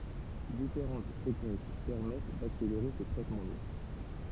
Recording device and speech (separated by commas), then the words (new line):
temple vibration pickup, read sentence
Différentes techniques permettent d'accélérer ce traitement lourd.